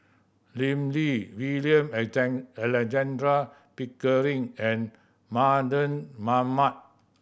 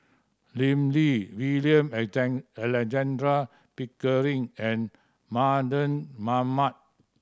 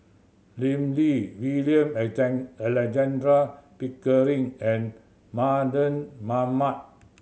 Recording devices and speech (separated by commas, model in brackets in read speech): boundary microphone (BM630), standing microphone (AKG C214), mobile phone (Samsung C7100), read sentence